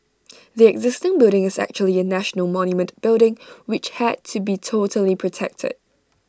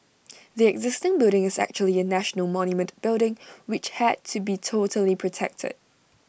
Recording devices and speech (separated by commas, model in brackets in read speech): standing microphone (AKG C214), boundary microphone (BM630), read sentence